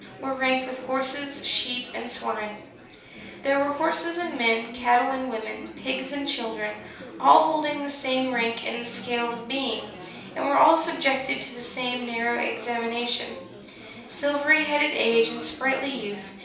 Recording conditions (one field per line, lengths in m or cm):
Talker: one person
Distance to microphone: 3.0 m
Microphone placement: far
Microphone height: 1.8 m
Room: small (3.7 m by 2.7 m)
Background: babble